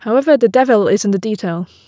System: none